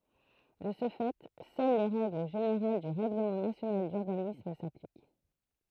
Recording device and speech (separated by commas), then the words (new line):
throat microphone, read sentence
De ce fait seules les règles générales du règlement national d'urbanisme s'appliquent.